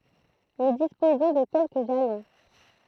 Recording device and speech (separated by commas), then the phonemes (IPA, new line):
throat microphone, read sentence
nu dispozɔ̃ də kɛlkə ʒalɔ̃